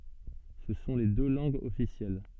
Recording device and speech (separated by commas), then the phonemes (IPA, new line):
soft in-ear microphone, read sentence
sə sɔ̃ le dø lɑ̃ɡz ɔfisjɛl